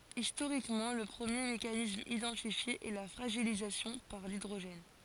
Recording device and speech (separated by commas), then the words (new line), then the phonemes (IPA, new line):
forehead accelerometer, read sentence
Historiquement, le premier mécanisme identifié est la fragilisation par l'hydrogène.
istoʁikmɑ̃ lə pʁəmje mekanism idɑ̃tifje ɛ la fʁaʒilizasjɔ̃ paʁ lidʁoʒɛn